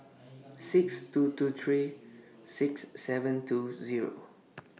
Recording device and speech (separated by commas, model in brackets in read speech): mobile phone (iPhone 6), read sentence